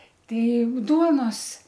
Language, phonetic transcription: Lithuanian, ˈtei ˈduonos

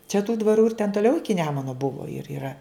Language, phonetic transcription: Lithuanian, čia tų dvaˈrų ir ten toˈliau ˈiki ˈnemuno ˈbuvo ir yˈra

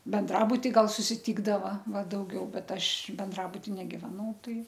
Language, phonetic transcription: Lithuanian, benˈdrabuti ˈgal susiˈtykdava ˈva dauˈgiau ˈbet ˈaš benˈdrabuti negiveˈnau ˈtai

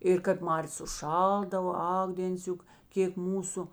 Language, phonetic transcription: Lithuanian, ir kap ˈmarės užˈšaldavo ˈak dėnˈciuk ˈkėk ˈmūsu

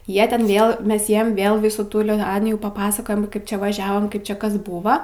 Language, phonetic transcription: Lithuanian, ˈjie ˈten ˈvėl ˈmes ˈjiem ˈvėl ˈvisų ˈtų liˈtanijų paˈpasakojam ˈkaip ˈčia vaˈžiavom ˈkaip čia ˈkas ˈbūva

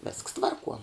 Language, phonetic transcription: Lithuanian, vėsks ˈtvarˌkuo

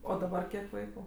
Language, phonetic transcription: Lithuanian, o daˈbar ˈkiek ˈvaiku

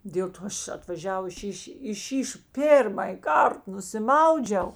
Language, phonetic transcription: Lithuanian, dėl ˈto ˈaš atvaˈžiavus ˈšyš' i šyš ˈpėrmaj ˈkart nusiˈmaudžiau

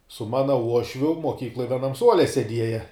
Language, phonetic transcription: Lithuanian, su ˈmana ˈuošviu moˈkykloj vieˈnam ˈsuole seˈdieja

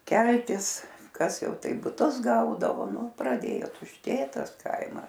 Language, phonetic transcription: Lithuanian, ˈkeltis ˈkas ˈjau ˈtaip buˈtus ˈgaudavo ˈnu praˈdėjo tušˈtėt ˈtas ˈkaimas

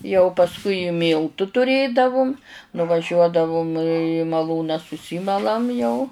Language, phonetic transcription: Lithuanian, jau pasˈkui i ˈmyltu tuˈrėdavum nuvaˈžiuodavum į maˈlūną suˈsymalam jau

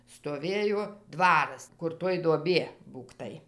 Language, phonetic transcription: Lithuanian, stoˈvėjo ˈdvaras kur ˈtoj duoˈbie ˈbūktai

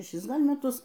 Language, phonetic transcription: Lithuanian, šeˈšis ˈgal' meˈtus

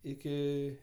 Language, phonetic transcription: Lithuanian, ˈiki

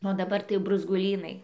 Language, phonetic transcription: Lithuanian, o daˈbar tai jau bruzguˈlynai

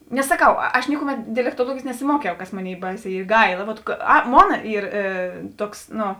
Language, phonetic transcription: Lithuanian, nes saˈkau aš ˈnikuˌmet dialektuoˈluogėjės nesiˈmuokiau kas ˈmoˌnėi ˈbaiˌsē ˈy ˈgaila vot ˈa ˈmona ˈyr ˈtuoks nu

